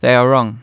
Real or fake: real